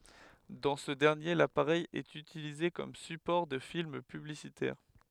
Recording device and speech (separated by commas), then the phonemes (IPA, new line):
headset microphone, read sentence
dɑ̃ sə dɛʁnje lapaʁɛj ɛt ytilize kɔm sypɔʁ də film pyblisitɛʁ